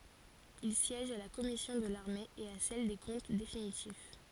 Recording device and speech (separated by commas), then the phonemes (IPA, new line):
forehead accelerometer, read sentence
il sjɛʒ a la kɔmisjɔ̃ də laʁme e a sɛl de kɔ̃t definitif